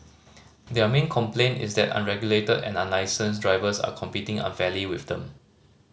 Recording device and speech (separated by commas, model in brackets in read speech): mobile phone (Samsung C5010), read sentence